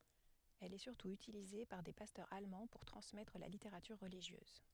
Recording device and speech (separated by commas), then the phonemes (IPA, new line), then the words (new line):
headset microphone, read sentence
ɛl ɛ syʁtu ytilize paʁ de pastœʁz almɑ̃ puʁ tʁɑ̃smɛtʁ la liteʁatyʁ ʁəliʒjøz
Elle est surtout utilisée par des pasteurs allemands pour transmettre la littérature religieuse.